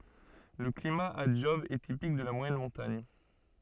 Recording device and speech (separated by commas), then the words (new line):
soft in-ear microphone, read sentence
Le climat à Job est typique de la moyenne montagne.